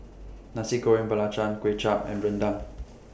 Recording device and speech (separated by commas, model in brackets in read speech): boundary microphone (BM630), read sentence